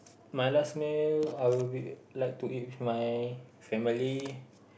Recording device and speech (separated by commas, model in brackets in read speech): boundary microphone, conversation in the same room